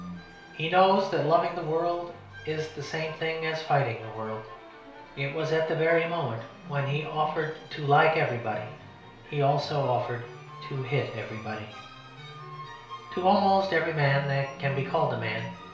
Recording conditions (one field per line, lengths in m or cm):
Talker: one person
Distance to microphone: 1.0 m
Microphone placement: close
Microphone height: 1.1 m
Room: small (3.7 m by 2.7 m)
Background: music